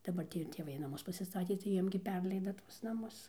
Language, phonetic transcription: Lithuanian, daˈbar ˈtį ir tėˈvai naˈmus pasiˈstatė tai ˈjiem gi ˈperleida ˈtuos naˈmus

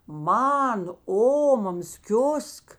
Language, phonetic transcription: Lithuanian, ˈman ˈomamas ˈkiusk

